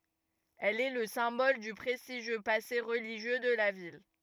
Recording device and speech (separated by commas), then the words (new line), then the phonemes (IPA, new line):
rigid in-ear microphone, read sentence
Elle est le symbole du prestigieux passé religieux de la ville.
ɛl ɛ lə sɛ̃bɔl dy pʁɛstiʒjø pase ʁəliʒjø də la vil